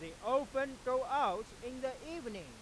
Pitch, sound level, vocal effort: 255 Hz, 104 dB SPL, very loud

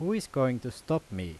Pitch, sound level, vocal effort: 130 Hz, 86 dB SPL, loud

